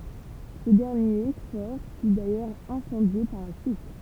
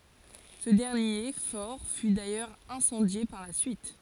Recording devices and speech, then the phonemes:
temple vibration pickup, forehead accelerometer, read sentence
sə dɛʁnje fɔʁ fy dajœʁz ɛ̃sɑ̃dje paʁ la syit

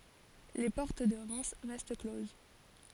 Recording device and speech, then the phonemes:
forehead accelerometer, read sentence
le pɔʁt də ʁɛm ʁɛst kloz

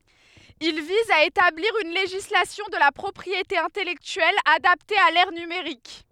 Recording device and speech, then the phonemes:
headset microphone, read sentence
il viz a etabliʁ yn leʒislasjɔ̃ də la pʁɔpʁiete ɛ̃tɛlɛktyɛl adapte a lɛʁ nymeʁik

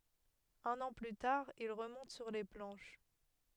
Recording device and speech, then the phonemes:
headset microphone, read sentence
œ̃n ɑ̃ ply taʁ il ʁəmɔ̃t syʁ le plɑ̃ʃ

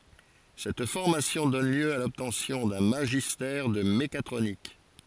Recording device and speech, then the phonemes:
forehead accelerometer, read sentence
sɛt fɔʁmasjɔ̃ dɔn ljø a lɔbtɑ̃sjɔ̃ dœ̃ maʒistɛʁ də mekatʁonik

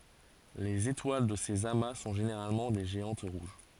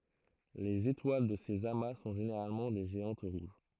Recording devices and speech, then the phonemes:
forehead accelerometer, throat microphone, read sentence
lez etwal də sez ama sɔ̃ ʒeneʁalmɑ̃ de ʒeɑ̃t ʁuʒ

